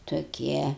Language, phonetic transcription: Lithuanian, toˈkie

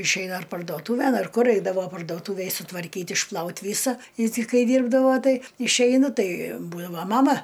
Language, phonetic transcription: Lithuanian, išˈeina ar pardoˈtūven ar ˈkur ˈeidavo pardoˈtūvėj sutvarˈkyt išˈplaut ˈvysa i ti ˈkai ˈdyrbdavo ˈtai išˈeinu ˈtai ˈbūdavo ˈmama

